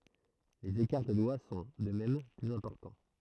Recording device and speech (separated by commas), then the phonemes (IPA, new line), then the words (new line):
throat microphone, read sentence
lez ekaʁ də dwa sɔ̃ də mɛm plyz ɛ̃pɔʁtɑ̃
Les écarts de doigts sont, de même, plus importants.